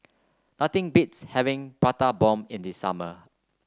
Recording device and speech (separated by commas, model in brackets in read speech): close-talking microphone (WH30), read sentence